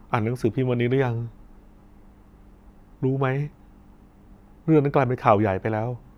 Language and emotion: Thai, sad